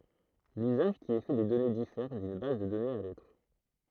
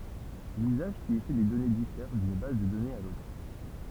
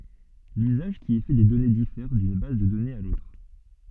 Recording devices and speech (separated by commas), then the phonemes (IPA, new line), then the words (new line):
throat microphone, temple vibration pickup, soft in-ear microphone, read sentence
lyzaʒ ki ɛ fɛ de dɔne difɛʁ dyn baz də dɔnez a lotʁ
L'usage qui est fait des données diffère d'une base de données à l'autre.